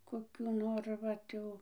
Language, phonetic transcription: Lithuanian, koˈkių ˈnor ˈvat jau

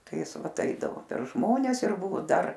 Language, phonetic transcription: Lithuanian, ˈtai ˈjis ˈvat ˈaidavo per ˈžmones ir ˈbuvo ˈdar

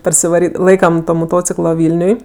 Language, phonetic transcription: Lithuanian, parsivaˈry ˈlaikam to moˈtociklo ˈvilniuj

